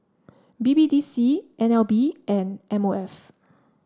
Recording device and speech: standing microphone (AKG C214), read sentence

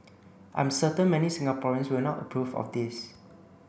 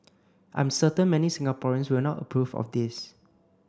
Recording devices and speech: boundary microphone (BM630), close-talking microphone (WH30), read sentence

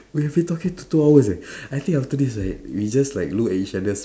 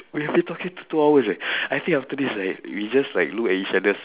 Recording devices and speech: standing microphone, telephone, conversation in separate rooms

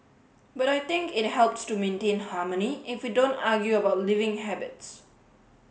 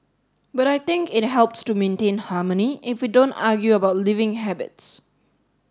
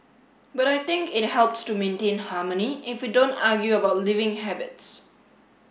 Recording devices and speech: mobile phone (Samsung S8), standing microphone (AKG C214), boundary microphone (BM630), read sentence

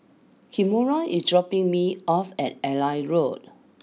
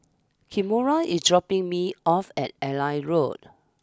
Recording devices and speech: mobile phone (iPhone 6), standing microphone (AKG C214), read sentence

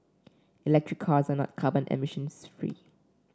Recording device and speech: standing microphone (AKG C214), read sentence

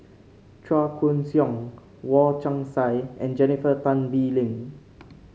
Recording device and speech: mobile phone (Samsung C5), read sentence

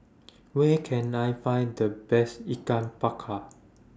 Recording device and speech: standing microphone (AKG C214), read sentence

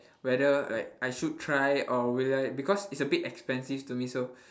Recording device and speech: standing microphone, conversation in separate rooms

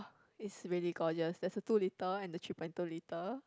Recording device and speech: close-talking microphone, conversation in the same room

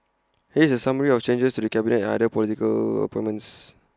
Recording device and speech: close-talking microphone (WH20), read sentence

